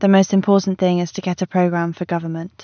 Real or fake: real